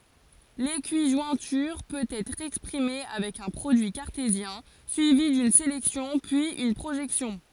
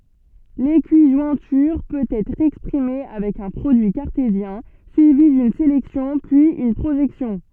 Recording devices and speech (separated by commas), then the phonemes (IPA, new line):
forehead accelerometer, soft in-ear microphone, read sentence
lekiʒwɛ̃tyʁ pøt ɛtʁ ɛkspʁime avɛk œ̃ pʁodyi kaʁtezjɛ̃ syivi dyn selɛksjɔ̃ pyiz yn pʁoʒɛksjɔ̃